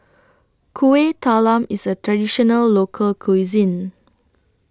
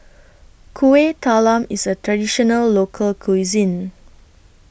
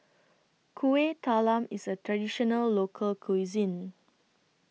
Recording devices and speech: standing microphone (AKG C214), boundary microphone (BM630), mobile phone (iPhone 6), read sentence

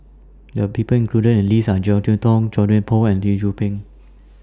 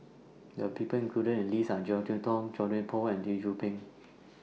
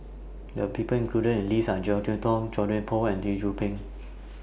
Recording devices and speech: standing microphone (AKG C214), mobile phone (iPhone 6), boundary microphone (BM630), read sentence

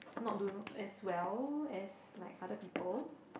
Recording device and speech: boundary microphone, conversation in the same room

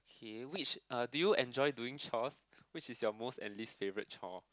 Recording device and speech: close-talking microphone, conversation in the same room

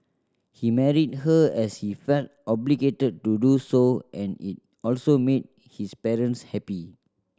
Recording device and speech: standing microphone (AKG C214), read sentence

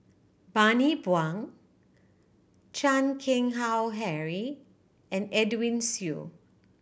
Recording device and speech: boundary microphone (BM630), read sentence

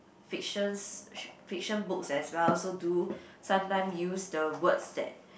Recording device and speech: boundary microphone, conversation in the same room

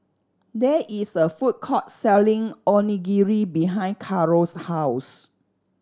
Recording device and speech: standing microphone (AKG C214), read sentence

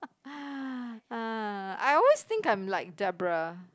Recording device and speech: close-talking microphone, conversation in the same room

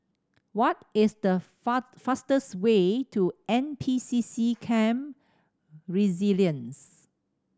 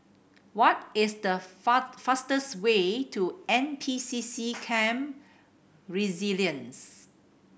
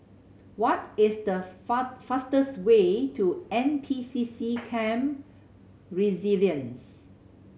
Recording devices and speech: standing microphone (AKG C214), boundary microphone (BM630), mobile phone (Samsung C7100), read sentence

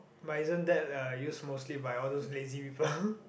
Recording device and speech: boundary microphone, conversation in the same room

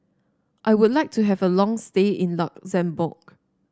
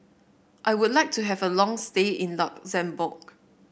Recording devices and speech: standing microphone (AKG C214), boundary microphone (BM630), read sentence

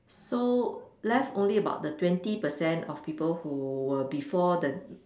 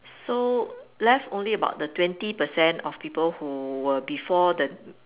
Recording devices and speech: standing microphone, telephone, conversation in separate rooms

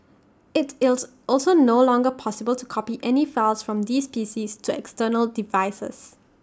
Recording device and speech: standing microphone (AKG C214), read sentence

